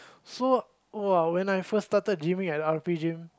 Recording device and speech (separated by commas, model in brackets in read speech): close-talking microphone, conversation in the same room